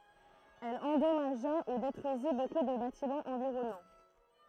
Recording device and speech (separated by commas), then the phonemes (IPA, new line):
throat microphone, read sentence
ɛl ɑ̃dɔmaʒa u detʁyizi boku də batimɑ̃z ɑ̃viʁɔnɑ̃